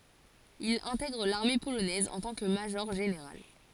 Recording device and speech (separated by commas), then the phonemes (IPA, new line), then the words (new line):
forehead accelerometer, read sentence
il ɛ̃tɛɡʁ laʁme polonɛz ɑ̃ tɑ̃ kə maʒɔʁʒeneʁal
Il intègre l'armée polonaise en tant que major-général.